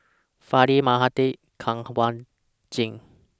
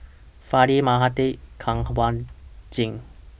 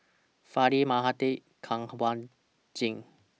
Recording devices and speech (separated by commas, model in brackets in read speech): standing microphone (AKG C214), boundary microphone (BM630), mobile phone (iPhone 6), read sentence